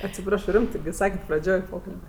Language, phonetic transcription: Lithuanian, atsiˈprašo ˈrimtɜ ˈsaket' praˈdžioj ˈpokalbia

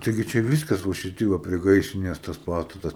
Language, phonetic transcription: Lithuanian, ˈtaigi čia ˈvyskas va šiˈti ˈva prie ˈgaisrinės ˈtas ˈpastatas

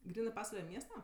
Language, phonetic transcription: Lithuanian, ˈgrynɜ ˈpasvale ˈmiesta

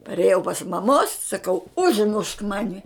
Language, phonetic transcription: Lithuanian, parėˈjau pas maˈmos saˈkau užˈmušk ˈmani

